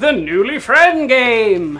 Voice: funny announcer voice